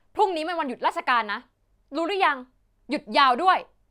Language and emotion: Thai, angry